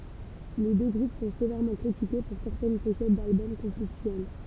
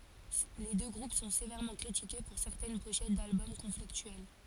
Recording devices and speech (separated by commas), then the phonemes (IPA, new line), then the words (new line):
temple vibration pickup, forehead accelerometer, read sentence
le dø ɡʁup sɔ̃ sevɛʁmɑ̃ kʁitike puʁ sɛʁtɛn poʃɛt dalbɔm kɔ̃fliktyɛl
Les deux groupes sont sévèrement critiqués pour certaines pochettes d'albums conflictuelles.